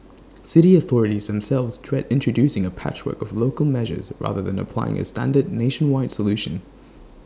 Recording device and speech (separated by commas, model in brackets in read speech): standing microphone (AKG C214), read sentence